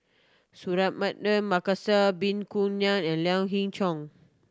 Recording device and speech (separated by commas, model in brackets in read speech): standing microphone (AKG C214), read sentence